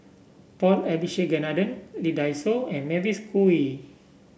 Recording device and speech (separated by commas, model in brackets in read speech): boundary microphone (BM630), read sentence